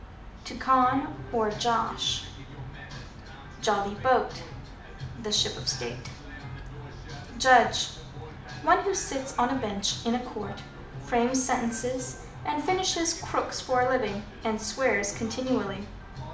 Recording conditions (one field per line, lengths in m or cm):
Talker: one person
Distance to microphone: 2.0 m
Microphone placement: close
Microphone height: 99 cm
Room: medium-sized (5.7 m by 4.0 m)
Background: music